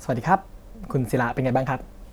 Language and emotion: Thai, neutral